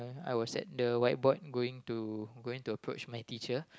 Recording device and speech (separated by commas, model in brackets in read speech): close-talking microphone, conversation in the same room